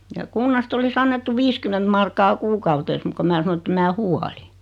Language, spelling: Finnish, ja kunnasta olisi annettu viisikymmentä markkaa kuukaudessa mutta kun minä sanoin että en minä huoli
- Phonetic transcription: ja 'kunnast ‿olis 'annettu "viiskyment markkaa "kuukautees muk ko 'mää sano ᵉᵗtem 'mää "huali .

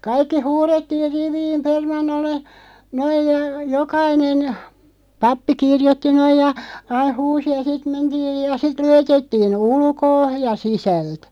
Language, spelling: Finnish, kaikki huudettiin riviin permannolle noin ja jokainen pappi kirjoitti noin ja aina huusi ja sitten mentiin ja sitten luetettiin ulkoa ja sisältä
- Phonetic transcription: 'kaikki "huurettiir 'riviim 'permannolle , 'noij ja , 'jokainen , 'pappi "kirjotti 'noij ja , aiʰ 'huusi ja "sit 'mentiij ja 'sit 'lujetettii"n ‿ulkoo , ja 'sisält .

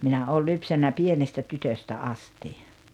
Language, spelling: Finnish, minä olen lypsänyt pienestä tytöstä asti
- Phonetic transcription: 'minä "ooĺ "lypsännä "pienestä 'tytöstä 'asti .

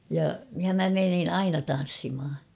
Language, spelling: Finnish, ja ja minä menin aina tanssimaan
- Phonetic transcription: ja , ja 'mä menin 'aina tan̬ssimʰa .

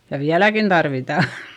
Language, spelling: Finnish, ja vieläkin tarvitaan
- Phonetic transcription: ja viäläkin Darvità !

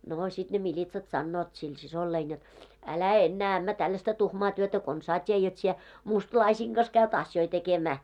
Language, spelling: Finnish, no sitten ne militsat sanovat sille siskolleni jotta älä enää ämmä tällaista tuhmaa työtä konsaan tee jotta sinä mustalaisten kanssa käyt asioita tekemään
- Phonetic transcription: noo 'sit ne 'miĺitsat 'sannoot sil 'sisollein jot , » 'älä "ennää ämmä 'tallasta 'tuhmaa työtä "konsaa t́ie jot sie , 'mustlaisiiŋ ɢas käyt 'asjoi tekemää « .

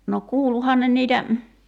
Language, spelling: Finnish, no kuuluihan ne niitä
- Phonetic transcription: no 'kuuluhan ne niitä ,.

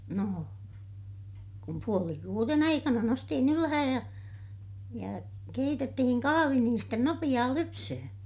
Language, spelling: Finnish, no kun puoli kuuden aikana noustiin ylös ja ja keitettiin kahvi niin sitten nopeaa lypsämään
- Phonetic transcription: no , kum puoli kuuren ‿aikana nostihin ylähäj ja , ja keitettihin kahavi niin sten nopiʲaa lypsöhöö̰ .

